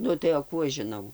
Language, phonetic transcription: Lithuanian, ˈnu tai o ˈkų aš žiˈnau

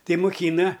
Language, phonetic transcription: Lithuanian, ˈtai muˈkyna

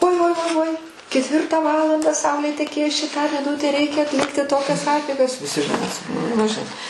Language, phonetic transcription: Lithuanian, uoi uoi uoi uoi ketˈvirtą ˈvalandą ˈsaulė teˈkės ˈčia tą miˈnutę ˈreikia atˈlikti ˈtokias ˈapeigas viˈsi žiˈnai ˈmes nu žiˈnai

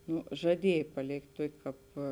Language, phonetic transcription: Lithuanian, ˈno žaˈdiej paˈlėkt' ˈtuokė ˈkāp

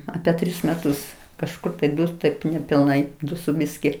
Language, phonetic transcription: Lithuanian, ˈape ˈtris meˈtus kažˈkur ape ˈdus taip nepilˈnai ˈdu su ˈbiski

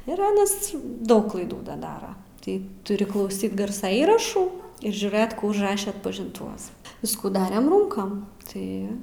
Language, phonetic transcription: Lithuanian, ir ˈanas ˈdaug klaiˈdų ˈda ˈdara ˈtai tuˈri klauˈsyt ˈgarsa ˈįrašų ir žiūˈrɘt kų užˈraše atpažinˈtuvas ˈviskų ˈdarem ˈrūnkam ˈtai

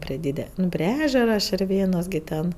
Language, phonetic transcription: Lithuanian, prie ˈdyde ˈnu prie ˈežera širˈvėnos gi ˈten

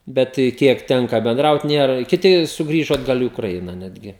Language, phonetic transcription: Lithuanian, ˈbet ˈkiek ˈtenka benˈdraut ˈnėra kiˈti sugˈrįžo atˈgal i ukraiˈna ˈnetgi

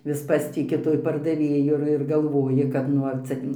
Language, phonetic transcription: Lithuanian, vis ˈpastiki tuoj pardaˈvėju ir ir galˈvoji kad ˈnu ar ˈcia

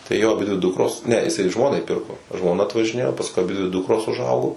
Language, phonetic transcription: Lithuanian, tai ˈjo aˈbidvi ˈdukros ne iˈsai ˈžmonai ˈpirko žmoˈna atvažiˈnėjo pasˈkui aˈbidvi ˈdukros uˈžaugo

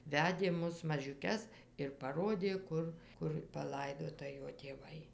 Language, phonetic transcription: Lithuanian, ˈvedė ˈmus mažiuˈkes ir paˈrodė ˈkur ˈkur paˈlaidota ˈjo tėˈvai

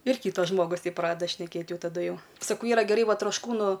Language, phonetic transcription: Lithuanian, ir ˈkytas ˈžmogus ˈteip ˈpradeda šneˈkėt ˈjau taˈdu ˈjau saˈkau ˈyra geˈrai ˈva trošˈkūnu

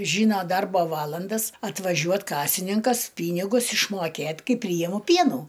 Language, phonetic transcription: Lithuanian, ˈžyno ˈdarbo ˈvalandas atvaˈžiuot ˈkasininkas ˈpynigus išˈmokėt' ˈkaip ˈpryjimu ˈpienų

